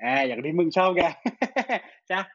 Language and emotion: Thai, happy